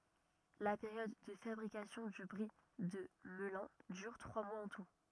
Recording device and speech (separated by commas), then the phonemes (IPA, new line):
rigid in-ear microphone, read sentence
la peʁjɔd də fabʁikasjɔ̃ dy bʁi də məlœ̃ dyʁ tʁwa mwaz ɑ̃ tu